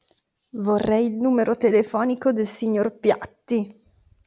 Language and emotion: Italian, disgusted